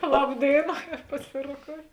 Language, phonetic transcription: Lithuanian, ˈlab ˈdėina paˈsiroˌkou

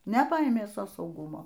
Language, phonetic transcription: Lithuanian, neˈpaėmė ˈso sauˈgumo

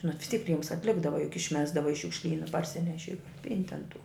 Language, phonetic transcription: Lithuanian, nu vis tyk ˈriems atˈlikdava juk išˈmesdava i šiukšˈlyna parˈsineši pint' an tu

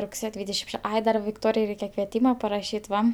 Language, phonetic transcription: Lithuanian, rugˈsėjo ˈdvydešim ˈše ˈai da vikˈtorijai ˈreikia kvieˈtyma paraˈšyt ˈva

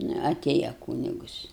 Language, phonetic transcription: Lithuanian, ˈnu aˈtėja ˈkūnigus

